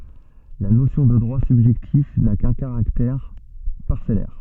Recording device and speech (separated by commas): soft in-ear microphone, read sentence